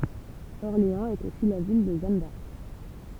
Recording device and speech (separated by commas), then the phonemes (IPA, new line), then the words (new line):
temple vibration pickup, read sentence
ɔʁleɑ̃z ɛt osi la vil də ʒan daʁk
Orléans est aussi la ville de Jeanne d'Arc.